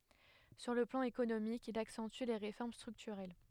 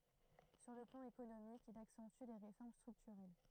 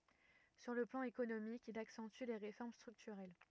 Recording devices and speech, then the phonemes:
headset microphone, throat microphone, rigid in-ear microphone, read sentence
syʁ lə plɑ̃ ekonomik il aksɑ̃ty le ʁefɔʁm stʁyktyʁɛl

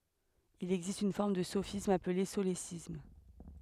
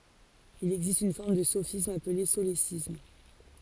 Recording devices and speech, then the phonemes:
headset microphone, forehead accelerometer, read sentence
il ɛɡzist yn fɔʁm də sofism aple solesism

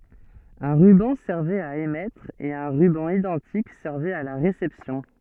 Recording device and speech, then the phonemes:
soft in-ear microphone, read sentence
œ̃ ʁybɑ̃ sɛʁvɛt a emɛtʁ e œ̃ ʁybɑ̃ idɑ̃tik sɛʁvɛt a la ʁesɛpsjɔ̃

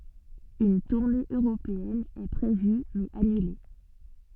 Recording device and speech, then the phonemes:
soft in-ear microphone, read sentence
yn tuʁne øʁopeɛn ɛ pʁevy mɛz anyle

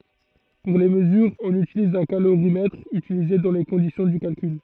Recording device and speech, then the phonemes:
throat microphone, read sentence
puʁ le məzyʁz ɔ̃n ytiliz œ̃ kaloʁimɛtʁ ytilize dɑ̃ le kɔ̃disjɔ̃ dy kalkyl

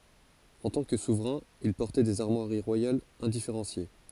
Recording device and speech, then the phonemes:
forehead accelerometer, read sentence
ɑ̃ tɑ̃ kə suvʁɛ̃ il pɔʁtɛ dez aʁmwaʁi ʁwajalz ɛ̃difeʁɑ̃sje

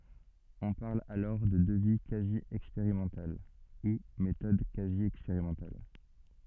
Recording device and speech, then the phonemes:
soft in-ear microphone, read sentence
ɔ̃ paʁl alɔʁ də dəvi kazi ɛkspeʁimɑ̃tal u metɔd kazi ɛkspeʁimɑ̃tal

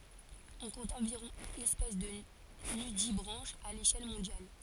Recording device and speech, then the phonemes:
forehead accelerometer, read sentence
ɔ̃ kɔ̃t ɑ̃viʁɔ̃ ɛspɛs də nydibʁɑ̃ʃz a leʃɛl mɔ̃djal

